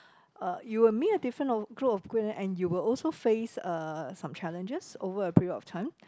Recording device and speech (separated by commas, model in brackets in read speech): close-talking microphone, conversation in the same room